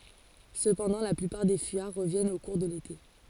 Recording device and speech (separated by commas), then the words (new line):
forehead accelerometer, read sentence
Cependant la plupart des fuyards reviennent au cours de l'été.